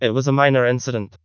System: TTS, vocoder